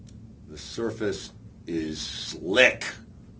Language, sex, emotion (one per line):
English
male
angry